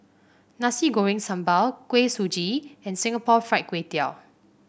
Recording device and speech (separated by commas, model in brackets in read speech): boundary microphone (BM630), read sentence